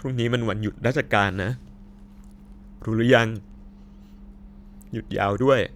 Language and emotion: Thai, sad